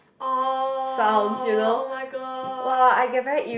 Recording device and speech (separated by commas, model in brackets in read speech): boundary microphone, conversation in the same room